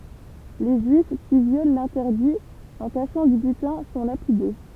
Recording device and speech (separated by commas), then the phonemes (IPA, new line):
temple vibration pickup, read sentence
le ʒyif ki vjol lɛ̃tɛʁdi ɑ̃ kaʃɑ̃ dy bytɛ̃ sɔ̃ lapide